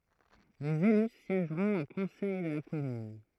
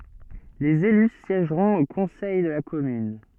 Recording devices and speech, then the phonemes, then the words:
throat microphone, soft in-ear microphone, read sentence
lez ely sjɛʒʁɔ̃t o kɔ̃sɛj də la kɔmyn
Les élus siègeront au Conseil de la Commune.

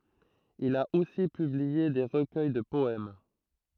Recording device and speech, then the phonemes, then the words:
throat microphone, read sentence
il a osi pyblie de ʁəkœj də pɔɛm
Il a aussi publié des recueils de poèmes.

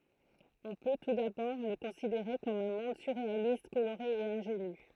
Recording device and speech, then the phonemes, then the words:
throat microphone, read sentence
ɔ̃ pø tu dabɔʁ lə kɔ̃sideʁe kɔm œ̃ mɔ̃d syʁʁealist koloʁe e ɛ̃ʒeny
On peut, tout d'abord, le considérer comme un monde surréaliste, coloré et ingénu.

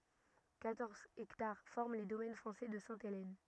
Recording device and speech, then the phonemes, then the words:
rigid in-ear microphone, read sentence
kwatɔʁz ɛktaʁ fɔʁm le domɛn fʁɑ̃sɛ də sɛ̃telɛn
Quatorze hectares forment les domaines français de Sainte-Hélène.

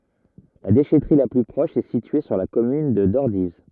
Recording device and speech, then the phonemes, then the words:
rigid in-ear microphone, read sentence
la deʃɛtʁi la ply pʁɔʃ ɛ sitye syʁ la kɔmyn də dɔʁdiv
La déchèterie la plus proche est située sur la commune de Dordives.

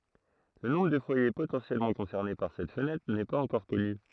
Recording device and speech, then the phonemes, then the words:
throat microphone, read sentence
lə nɔ̃bʁ də fwaje potɑ̃sjɛlmɑ̃ kɔ̃sɛʁne paʁ sɛt fənɛtʁ nɛ paz ɑ̃kɔʁ kɔny
Le nombre de foyer potentiellement concernés par cette fenêtre n'est pas encore connu.

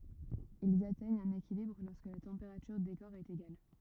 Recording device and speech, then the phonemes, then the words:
rigid in-ear microphone, read sentence
ilz atɛɲt œ̃n ekilibʁ lɔʁskə la tɑ̃peʁatyʁ de kɔʁ ɛt eɡal
Ils atteignent un équilibre lorsque la température des corps est égale.

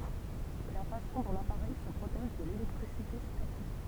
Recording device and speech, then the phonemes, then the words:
temple vibration pickup, read sentence
sɛ la fasɔ̃ dɔ̃ lapaʁɛj sə pʁotɛʒ də lelɛktʁisite statik
C'est la façon dont l'appareil se protège de l'électricité statique.

